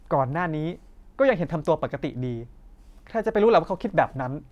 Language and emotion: Thai, frustrated